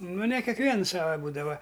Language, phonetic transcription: Lithuanian, nu ne kekˈviens ˈsava ˈbūdava

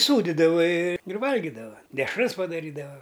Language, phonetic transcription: Lithuanian, ˈsūdidava i ir ˈvalgidava dešˈras padaˈrydava

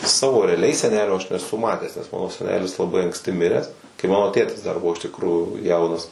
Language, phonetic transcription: Lithuanian, ˈsavo reaˈliai seˈnelio aš neˈsu ˈmatęs nes ˈmano seˈnelis laˈbai anksˈti ˈmiręs kai ˈmano ˈtėtis dar ˈbuvo iš tikˈrųjų ˈjaunas

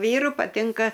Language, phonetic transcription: Lithuanian, ˈvyru paˈtinka

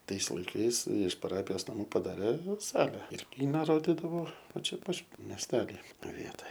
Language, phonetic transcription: Lithuanian, ˈtais laiˈkais iš paˈrapijos naˈmų padaˈrė ˈsale ir ˈkyna ˈrodidavo ˈva ˈčia ˈpat mesˈteli ˈvietoj

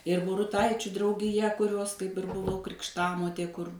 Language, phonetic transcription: Lithuanian, ir buruˈtaičiu draugiˈja kuˈrios kaip ir buˈvau krikšˈtamotė kur

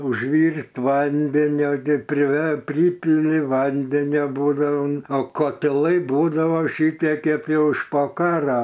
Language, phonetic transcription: Lithuanian, užˈvyrt ˈvandenio ˈgi priˈver ˈprypili ˈvandenio ˈbūdao o kotiˈlai ˈbūdavo šiˈtie ˈkėp jau iš po ˈkaro

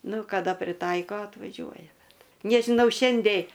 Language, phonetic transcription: Lithuanian, ˈnu kaˈda priˈtaiko atvaˈžiuoja ˈbet nežiˈnau ˈšiandei

